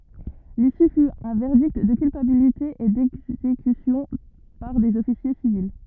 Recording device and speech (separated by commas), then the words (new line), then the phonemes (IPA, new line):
rigid in-ear microphone, read sentence
L'issue fut un verdict de culpabilité et d’exécution par des officiers civils.
lisy fy œ̃ vɛʁdikt də kylpabilite e dɛɡzekysjɔ̃ paʁ dez ɔfisje sivil